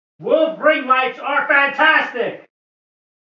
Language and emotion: English, sad